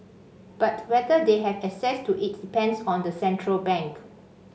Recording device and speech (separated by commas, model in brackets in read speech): mobile phone (Samsung C5), read sentence